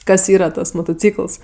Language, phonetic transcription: Lithuanian, ˈkas ˈyra ˈtas motoˈcykəls

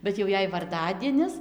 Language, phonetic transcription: Lithuanian, bet jau ˈjei varˈdadienis

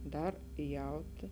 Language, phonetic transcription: Lithuanian, ˈdar ˈjauti

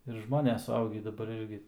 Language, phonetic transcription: Lithuanian, ir ˈžmones suˈaugį daˈbar ˈirgi

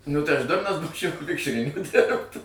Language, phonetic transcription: Lithuanian, nu tai aš ˈdurnas ˈbūčiau ˈvikšrininku ˈdirbt

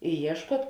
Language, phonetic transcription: Lithuanian, i ˈieškuot

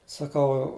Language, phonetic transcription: Lithuanian, saˈkau

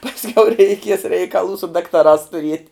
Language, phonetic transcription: Lithuanian, pasˈkiau reiˈkies reikaˈlų su daktaˈrās tuˈriet'

